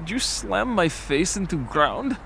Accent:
in Russian accent